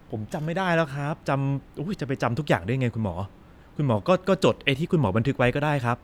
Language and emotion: Thai, neutral